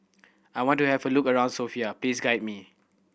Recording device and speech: boundary microphone (BM630), read sentence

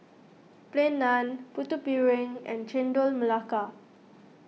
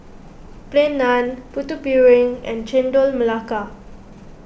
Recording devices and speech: mobile phone (iPhone 6), boundary microphone (BM630), read sentence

